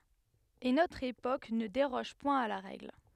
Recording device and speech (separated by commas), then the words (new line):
headset microphone, read sentence
Et notre époque ne déroge point à la règle.